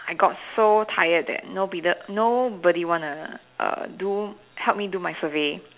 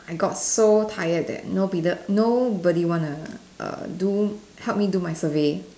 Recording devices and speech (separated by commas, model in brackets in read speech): telephone, standing microphone, conversation in separate rooms